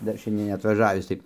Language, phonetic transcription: Lithuanian, ˈdar ˈšiandien neatvaˈžavis tai

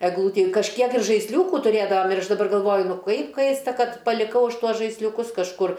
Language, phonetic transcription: Lithuanian, egˈlūti kažˈkiek ir žaisˈliūku tuˈrėdavam ir ˈaš daˈbar galˈvoju ˈnu ˈkaip ˈkaista ˈkad paliˈkau ˈaš ˈtuos žaisliuˈkus kažˈkur

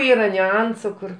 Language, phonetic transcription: Lithuanian, ˈyra niuˈansu ˈkur

